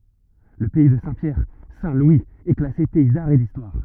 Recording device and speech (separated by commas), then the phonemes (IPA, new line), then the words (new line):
rigid in-ear microphone, read sentence
lə pɛi də sɛ̃tpjɛʁ sɛ̃tlwiz ɛ klase pɛi daʁ e distwaʁ
Le pays de Saint-Pierre - Saint-Louis est classé pays d'art et d'histoire.